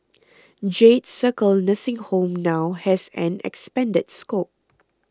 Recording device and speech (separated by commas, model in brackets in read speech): close-talking microphone (WH20), read sentence